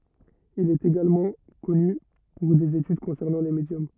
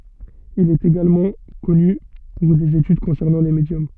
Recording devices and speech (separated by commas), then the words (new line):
rigid in-ear microphone, soft in-ear microphone, read sentence
Il est également connu pour des études concernant les médiums.